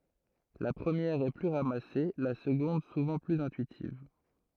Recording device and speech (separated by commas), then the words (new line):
throat microphone, read sentence
La première est plus ramassée, la seconde souvent plus intuitive.